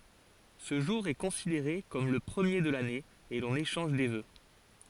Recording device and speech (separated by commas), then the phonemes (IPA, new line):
forehead accelerometer, read sentence
sə ʒuʁ ɛ kɔ̃sideʁe kɔm lə pʁəmje də lane e lɔ̃n eʃɑ̃ʒ de vø